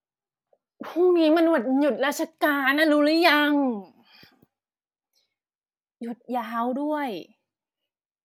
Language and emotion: Thai, frustrated